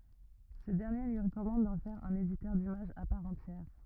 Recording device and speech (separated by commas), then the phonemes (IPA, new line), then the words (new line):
rigid in-ear microphone, read sentence
sə dɛʁnje lyi ʁəkɔmɑ̃d dɑ̃ fɛʁ œ̃n editœʁ dimaʒz a paʁ ɑ̃tjɛʁ
Ce dernier lui recommande d'en faire un éditeur d'images à part entière.